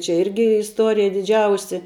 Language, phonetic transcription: Lithuanian, čia ˈirgi isˈtorija diˈdžiausi

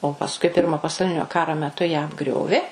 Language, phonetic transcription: Lithuanian, o pasˈkui ˈpirmo pasauˈlinio ˈkaro meˈtu ją apˈgriovė

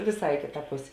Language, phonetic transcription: Lithuanian, vėˈsai i ˈkėta ˈpusė

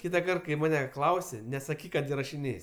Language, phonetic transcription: Lithuanian, ˈkytakart kai ˈmane ˈklausi nesaˈkyk kad irašiˈnės'

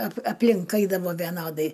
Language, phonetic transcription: Lithuanian, ap apˈlink ˈaidavo veˈnodai

